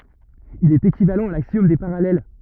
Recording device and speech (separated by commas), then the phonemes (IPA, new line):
rigid in-ear microphone, read sentence
il ɛt ekivalɑ̃ a laksjɔm de paʁalɛl